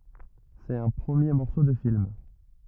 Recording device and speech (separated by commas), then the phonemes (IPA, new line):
rigid in-ear microphone, read sentence
sɛt œ̃ pʁəmje mɔʁso də film